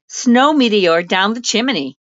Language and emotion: English, neutral